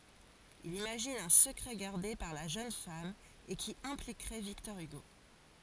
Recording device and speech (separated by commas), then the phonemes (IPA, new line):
forehead accelerometer, read sentence
il imaʒin œ̃ səkʁɛ ɡaʁde paʁ la ʒøn fam e ki ɛ̃plikʁɛ viktɔʁ yɡo